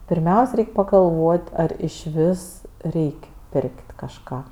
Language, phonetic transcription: Lithuanian, pirˈmiaus' ˈreik' pagalˈvot' ˈar išˈvis ˈreik' ˈpirk't' kažˈką

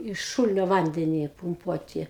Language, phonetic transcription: Lithuanian, iš ˈšūlinio ˈvandeni pumˈpuoti

